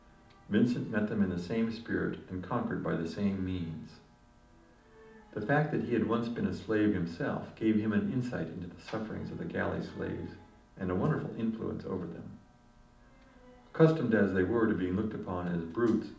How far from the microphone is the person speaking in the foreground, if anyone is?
2.0 m.